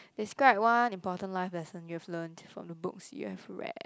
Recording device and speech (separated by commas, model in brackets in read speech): close-talking microphone, conversation in the same room